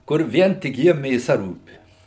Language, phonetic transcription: Lithuanian, kur ˈvien tik ˈjiem mėˈsa ˈrūpi

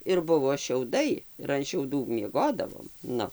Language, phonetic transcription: Lithuanian, ir ˈbuvo šiauˈdai ir an šiauˈdų mieˈgodavom ˈnu

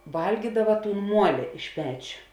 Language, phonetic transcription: Lithuanian, ˈvalgydava ˈtūn ˈmuoli iš ˈpečio

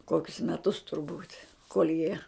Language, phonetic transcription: Lithuanian, ˈkokius meˈtus turˈbūt' kol' jie

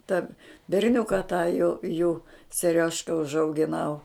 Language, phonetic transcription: Lithuanian, ta berˈniuka tą jų jų seˈriožka užaugiˈnau

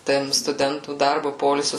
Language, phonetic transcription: Lithuanian, ˈtam stuˈdentų ˈdarbu ˈpoilsiu

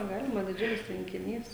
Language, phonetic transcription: Lithuanian, ˈgalima diˈdžiulis tvenkiˈnys

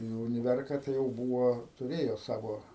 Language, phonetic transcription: Lithuanian, nu uniˈverka tai jau ˈbūvo tuˈrėjo ˈsavo

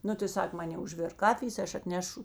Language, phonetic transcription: Lithuanian, ˈnu tai ˈsak ˈmanė užˈvėrk ˈkafijės tai ˈaš atˈnešu

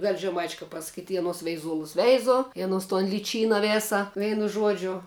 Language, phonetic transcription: Lithuanian, vel' žeˈmaičia kap pasaˈkyt' i aˈnos veiˈzuolus ˈveizu i aˈnos ton liˈčyna ˈvėsa ˈveinu ˈžuodžiu

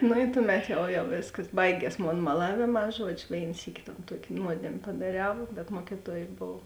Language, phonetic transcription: Lithuanian, nu i ˈtuˌmet ˈjau jau ˈvėskas ˈbaigies ˈmon maˈlavėˌmā ˈžuodžiu ˈvėin ˈsyki ton ˈtuok' ˈnuodėm' padaˈriau bet ˈmuokituoj ˈbov

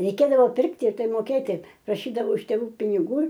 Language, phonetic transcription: Lithuanian, reiˈkėdavo ˈpirkti ir ˈtai moˈkėti praˈšydavau iš tėˈvų piniˈgų

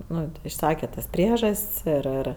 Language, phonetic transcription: Lithuanian, ˈnu išˈsake tas ˈpriežas't's' ir ˈir

